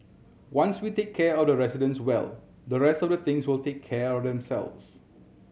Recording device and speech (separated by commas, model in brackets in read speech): mobile phone (Samsung C7100), read sentence